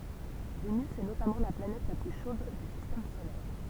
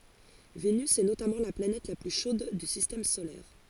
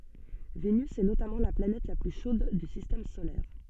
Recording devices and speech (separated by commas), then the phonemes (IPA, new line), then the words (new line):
temple vibration pickup, forehead accelerometer, soft in-ear microphone, read sentence
venys ɛ notamɑ̃ la planɛt la ply ʃod dy sistɛm solɛʁ
Vénus est notamment la planète la plus chaude du Système solaire.